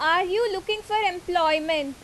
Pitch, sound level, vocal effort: 360 Hz, 91 dB SPL, very loud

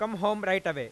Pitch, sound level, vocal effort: 205 Hz, 100 dB SPL, loud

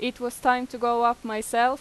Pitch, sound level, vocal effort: 240 Hz, 92 dB SPL, loud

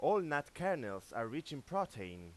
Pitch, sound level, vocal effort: 145 Hz, 95 dB SPL, loud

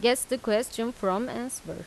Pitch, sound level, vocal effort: 240 Hz, 87 dB SPL, normal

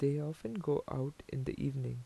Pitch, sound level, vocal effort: 135 Hz, 79 dB SPL, soft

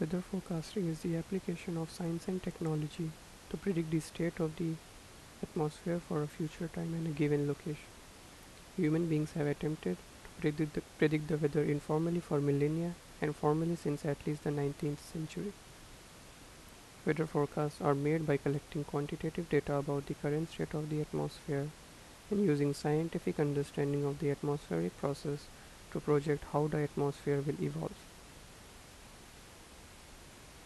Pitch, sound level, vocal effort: 150 Hz, 79 dB SPL, soft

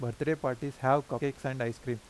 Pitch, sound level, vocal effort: 130 Hz, 87 dB SPL, normal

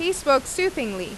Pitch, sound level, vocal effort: 275 Hz, 90 dB SPL, loud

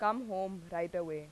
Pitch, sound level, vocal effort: 180 Hz, 89 dB SPL, loud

